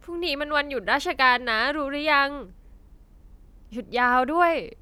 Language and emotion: Thai, neutral